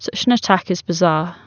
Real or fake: real